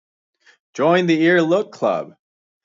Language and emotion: English, happy